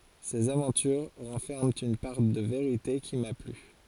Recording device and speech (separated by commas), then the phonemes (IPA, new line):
forehead accelerometer, read sentence
sez avɑ̃tyʁ ʁɑ̃fɛʁmɑ̃ yn paʁ də veʁite ki ma ply